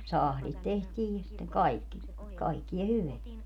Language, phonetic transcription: Finnish, 'sahlit 'tehtiij ja sitteŋ 'kaikki , kaikkia 'hyveä .
- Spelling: sahdit tehtiin ja sitten kaikki kaikkea hyvää

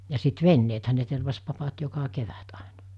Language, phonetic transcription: Finnish, ja sit "venneethä ne tervas 'papat 'joka 'kevät àena .
- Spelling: ja sitten veneethän ne tervasi papat joka kevät aina

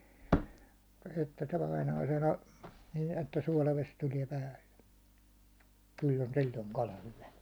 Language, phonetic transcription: Finnish, , nin ‿että suålaves 'tuliɛ 'päälle , 'kyll ‿on 'sil̜l̜oŋ 'kala 'hyvä .
- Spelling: niin että suolavesi tulee päälle kyllä on silloin kala hyvä

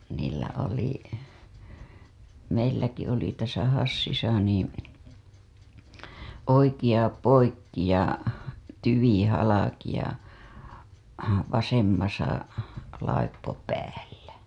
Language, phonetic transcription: Finnish, niillä oli , meilläki oli täsä 'Hassisa niin , "oikiʲa 'poikki ja , "tyvi 'halaki ja , "vasemmasa , 'laippo 'päällä .
- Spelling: niillä oli meilläkin oli tässä Hassissa niin oikea poikki ja tyvi halki ja vasemmassa laippo päällä

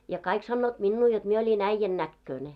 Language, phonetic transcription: Finnish, ja 'kaik sannoot 'minnuu jot mie oĺin 'äⁱjjän 'näkkööne .
- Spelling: ja kaikki sanoivat minua jotta minä olin äijän näköinen

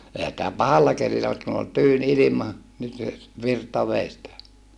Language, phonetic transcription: Finnish, ehä [si]tä pahalla kelillä mut kun ‿ol tyyn ilima , nyt (se) , virta vèi stä .
- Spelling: eihän sitä pahalla kelillä mutta kun oli tyyni ilma nyt se virta vei sitä

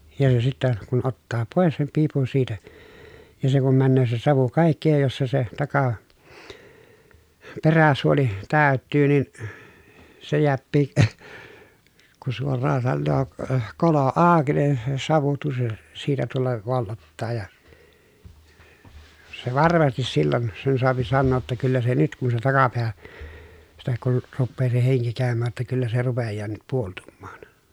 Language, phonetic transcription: Finnish, ja jo sittä , kun ottaa pòes sem piipun siitä , ja se kum männöö se savu kàikki ja jos se se taka- , peräsuoli , tä̀y̬t̆tyy nin , se jeäppii , ku suor̆raa sannoo , k- kolo àoki nin , se savu tuss- , siitä tulla , vollottaa ja , se varmastis sillon , sen soapi sannoo ‿tta » kyllä se nyt » kun se takapeä , sitä kun , ruppee se heŋki kä̀ömmää ‿ttä » kyllä se rupejjaa nyt puoltummaan » .
- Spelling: ja jo sitten kun ottaa pois sen piipun siitä ja se kun menee se savu kaikki ja jos se se - peräsuoli täyttyy niin se jääkin kun suoraan sanoo - kolo auki niin se savu - siitä tulla vollottaa ja se varmasti silloin sen saa sanoa jotta kyllä se nyt kun se takapää sitä kun rupeaa se henki käymään että kyllä se rupeaa nyt puoltumaan

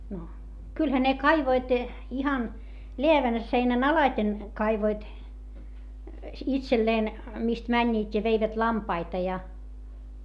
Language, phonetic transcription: Finnish, no , kylhä ne kaivoit , ihan , leävän seinän alaⁱten , kaivoit , itselleen , mist mäńńiit́ ja veivät lampaita ja .
- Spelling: no kyllähän ne kaivoivat ihan läävän seinän alitse kaivoivat itselleen mistä menivät ja veivät lampaita ja

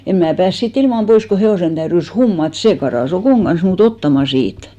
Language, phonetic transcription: Finnish, 'em mää 'pääs sii't ‿ilmam 'pois ko 'he₍òsen täyrys "hummat , 'see karà's ‿Okòŋ ɢan̬s muu't ‿ottama 'siit .
- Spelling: en minä päässyt siitä ilman pois kun hevosen täytyi hummata se karkasi Okon kanssa minua ottamaan siitä

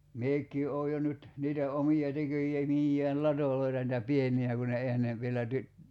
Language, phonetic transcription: Finnish, 'miek̀ii oo jo nyt , niitä 'omi₍a 'teköje- '-miijjään "latòloita nitä "pieni₍ä ku ne ('ehän ne) vielä ty- ,.
- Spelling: minäkin olen jo nyt niitä omia - tekemiään latoja niitä pieniä kun ne eihän ne vielä -

